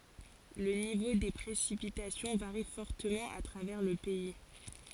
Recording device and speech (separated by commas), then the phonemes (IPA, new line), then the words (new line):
forehead accelerometer, read sentence
lə nivo de pʁesipitasjɔ̃ vaʁi fɔʁtəmɑ̃ a tʁavɛʁ lə pɛi
Le niveau des précipitations varie fortement à travers le pays.